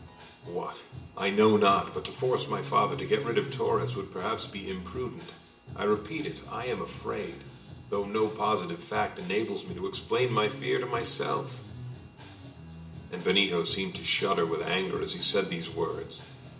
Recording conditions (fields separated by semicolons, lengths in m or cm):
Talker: one person; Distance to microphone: 1.8 m; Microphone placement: close; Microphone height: 1.0 m; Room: large; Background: music